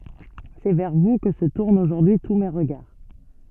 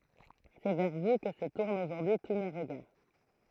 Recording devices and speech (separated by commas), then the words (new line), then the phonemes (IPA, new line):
soft in-ear microphone, throat microphone, read sentence
C’est vers vous que se tournent aujourd’hui tous mes regards.
sɛ vɛʁ vu kə sə tuʁnt oʒuʁdyi tu me ʁəɡaʁ